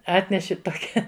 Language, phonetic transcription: Lithuanian, ˈatneši toˈkia

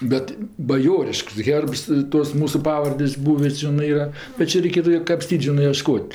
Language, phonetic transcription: Lithuanian, ˈbet baˈjorišks ˈherbs ˈtos ˈmūsu ˈpavardės' ˈbūvi ˈžinɜ ˈyra bet ˈčia reiˈkėtu kapˈstyt ˈžinɜ ieˈškot'

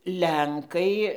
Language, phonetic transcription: Lithuanian, ˈlenkai

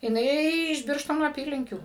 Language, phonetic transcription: Lithuanian, jiˈnai iš ˈbirštono aˈpylinkių

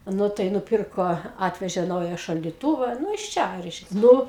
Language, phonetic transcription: Lithuanian, ˈnu tai nuˈpirko ˈatvežė ˈnauja šaldiˈtūva ˈnu iš ˈčia ˈreiškia ˈnu

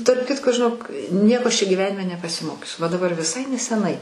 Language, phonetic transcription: Lithuanian, tarp ˈkitko žiˈnok ˈnieko ˈaš čia gyˈvenime nepasiˈmokius va daˈbar viˈsai neseˈnai

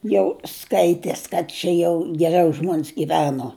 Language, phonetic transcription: Lithuanian, jau ˈskaites kad ˈčia jau geˈriau ˈžmons giˈveno

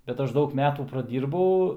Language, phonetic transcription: Lithuanian, bet ˈaš ˈdaug ˈmetų praˈdyrbau

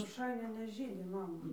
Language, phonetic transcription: Lithuanian, roˈšainia neˈžydi ˈmama

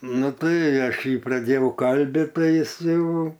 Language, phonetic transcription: Lithuanian, ˈnu ˈtai ˈaš ˈjį praˈdėjau ˈkalbit ˈtai ˈjis ˈjau

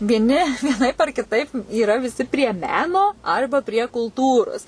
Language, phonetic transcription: Lithuanian, vieˈni vieˈnaip ar kiˈtaip yˈra viˈsi prie ˈmeno ˈarba prie kulˈtūros

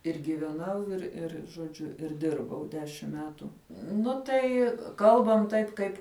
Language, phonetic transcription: Lithuanian, ir gyveˈnau ir ˈir žoˈdžiu ir ˈdirbau ˈdešim ˈmetu ˈnu tai ˈkalbam ˈtaip ˈkaip

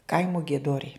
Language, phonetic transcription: Lithuanian, ˈkaimu gieˈdoriai

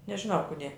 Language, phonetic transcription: Lithuanian, nežiˈnau ˈkudė

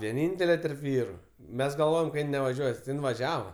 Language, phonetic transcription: Lithuanian, vieˈnyntele terp ˈvyru ˈmes galˈvojem kad ˈjin nevaˈžiuos ti ˈjin vaˈžiava

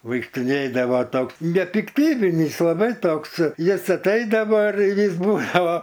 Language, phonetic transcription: Lithuanian, vaikštiˈnėdava ˈtoks nepikˈtybinys laˈbai ˈtoks ˈjis atˈaidava ir ir ˈjis ˈbūdava

